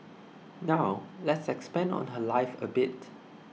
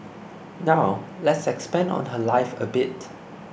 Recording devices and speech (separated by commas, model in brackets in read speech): mobile phone (iPhone 6), boundary microphone (BM630), read sentence